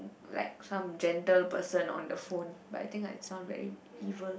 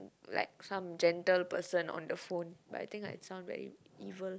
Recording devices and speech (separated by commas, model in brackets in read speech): boundary microphone, close-talking microphone, conversation in the same room